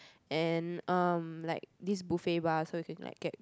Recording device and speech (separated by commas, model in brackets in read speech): close-talking microphone, conversation in the same room